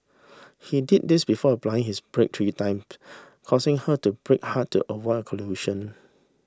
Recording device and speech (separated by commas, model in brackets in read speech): standing microphone (AKG C214), read sentence